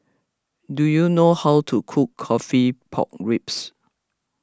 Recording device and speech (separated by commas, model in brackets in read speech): close-talking microphone (WH20), read sentence